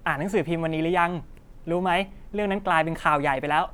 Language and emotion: Thai, happy